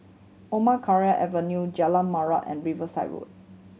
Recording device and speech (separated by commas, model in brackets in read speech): mobile phone (Samsung C7100), read sentence